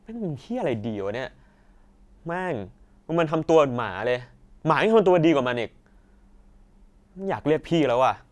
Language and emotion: Thai, angry